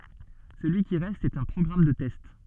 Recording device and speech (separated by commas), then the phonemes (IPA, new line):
soft in-ear microphone, read sentence
səlyi ki ʁɛst ɛt œ̃ pʁɔɡʁam də tɛst